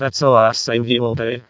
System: VC, vocoder